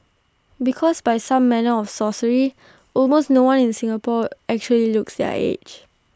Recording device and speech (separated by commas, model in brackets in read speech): standing microphone (AKG C214), read sentence